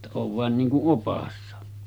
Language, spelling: Finnish, jotta olen vain niin kuin oppaana
- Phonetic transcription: [jot]ta » oov 'vàen niiŋ ku’ '’opassa « .

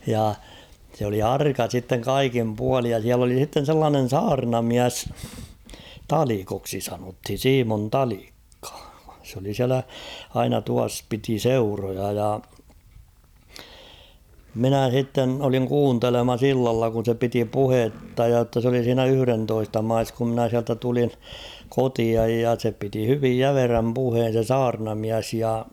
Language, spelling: Finnish, ja se oli arka sitten kaikin puolin ja siellä oli sitten sellainen saarnamies Talikoksi sanottiin Simon Talikka se oli siellä aina tuossa piti seuroja ja minä sitten olin kuuntelemassa illalla kun se piti puhetta ja jotta se oli siinä yhdentoista maissa kun minä sieltä tulin kotia ja se piti hyvin jämerän puheen se saarnamies ja
- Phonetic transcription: ja , sᵉ ‿oli "arka sitteŋ "kaikim 'pualij ja siäl ‿oli h̭itten̬ 'sellaanen̬ "saarna'miäs , "Talikoksi 'sanothin̬ "Siimon "Talikkᴀ ; s ‿oli 'siälä , aina tuas 'piti "seuroja ja ; 'minä s̬itten oliŋ "kuuntelemas ‿'illalla kun̬ se 'piti "puhetta ja ‿tta s ‿oli siinä "yhʸrentoista 'mais kum mᵎnä siältä tulin̬ , 'kotiaj ja se piti 'hyvij "jämeräm 'puheen̬ se "saarnamiäs ja .

